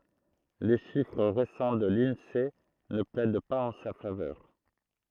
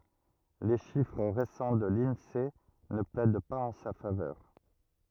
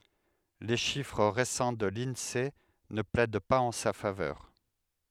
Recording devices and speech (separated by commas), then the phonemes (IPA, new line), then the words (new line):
throat microphone, rigid in-ear microphone, headset microphone, read sentence
le ʃifʁ ʁesɑ̃ də linse nə plɛd paz ɑ̃ sa favœʁ
Les chiffres récents de l'Insee ne plaident pas en sa faveur.